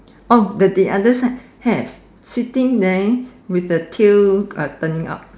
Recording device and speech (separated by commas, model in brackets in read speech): standing microphone, conversation in separate rooms